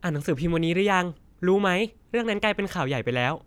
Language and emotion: Thai, happy